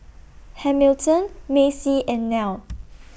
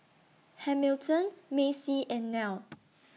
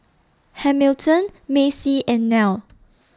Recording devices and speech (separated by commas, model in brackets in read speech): boundary microphone (BM630), mobile phone (iPhone 6), standing microphone (AKG C214), read sentence